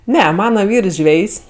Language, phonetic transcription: Lithuanian, ˈne ˈmana ˈvyrs ˈžvejs'

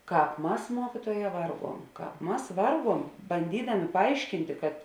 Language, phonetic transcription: Lithuanian, ˈkāp ˈmas ˈmuokytuoˌjē ˈvarˌguom ˈkāp ˈmas ˈvarˌguom banˈdydamė paˈaiškintė kad

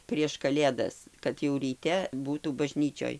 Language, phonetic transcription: Lithuanian, prieš kaˈlėdas kad jau ryˈte ˈbūtų baˈžnyčioj

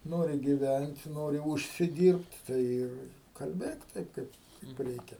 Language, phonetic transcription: Lithuanian, ˈnori giˈvænt ˈnori ˌužsiˈdyrbt' ˈtai ir kalˈbėk ˈtaip ˈkaip kaip ˈreikia

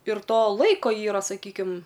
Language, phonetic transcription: Lithuanian, ir ˈto ˈlaiko ˈyra saˈkykim

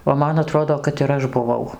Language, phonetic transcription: Lithuanian, o ˈman aˈtrodo kad ir ˈaš buˈvau

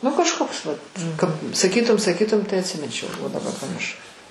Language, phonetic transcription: Lithuanian, nu kažˈkoks vat kap saˈkytum saˈkytum tai atsiˈminčiau o daˈbar pamirˈšau

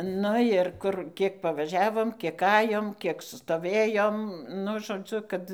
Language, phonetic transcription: Lithuanian, ˈnu ir ˈkur ˈkiek paˈvažiavom ˈkiek ˈajom ˈkiek stoˈvėjom ˈnu žoˈdziu ˈkad

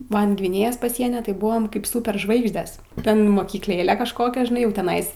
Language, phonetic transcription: Lithuanian, ˈman' gviˈnėjos paˈsieny tai ˈbuvom kaip sūperˈžvaigždes ˈten mokykˈlėle kažˈkokia žiˈnai jau teˈnais

